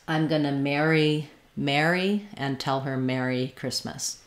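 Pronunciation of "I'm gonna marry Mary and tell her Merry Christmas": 'Marry', 'Mary' and 'merry' all sound the same here, and each has the air sound.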